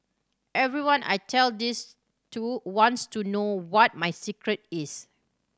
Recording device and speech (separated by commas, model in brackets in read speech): standing microphone (AKG C214), read sentence